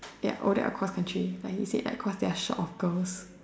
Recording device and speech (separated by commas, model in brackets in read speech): standing microphone, conversation in separate rooms